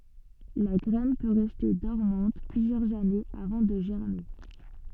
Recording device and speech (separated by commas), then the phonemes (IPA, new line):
soft in-ear microphone, read sentence
la ɡʁɛn pø ʁɛste dɔʁmɑ̃t plyzjœʁz anez avɑ̃ də ʒɛʁme